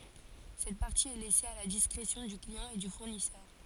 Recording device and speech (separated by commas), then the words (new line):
forehead accelerometer, read sentence
Cette partie est laissée à la discrétion du client et du fournisseur.